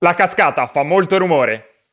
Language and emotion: Italian, angry